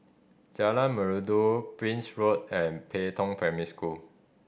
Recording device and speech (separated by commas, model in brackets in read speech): boundary microphone (BM630), read sentence